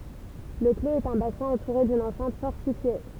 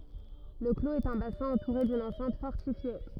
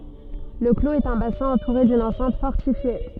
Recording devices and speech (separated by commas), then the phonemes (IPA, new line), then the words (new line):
temple vibration pickup, rigid in-ear microphone, soft in-ear microphone, read sentence
lə kloz ɛt œ̃ basɛ̃ ɑ̃tuʁe dyn ɑ̃sɛ̃t fɔʁtifje
Le clos est un bassin entouré d'une enceinte fortifiée.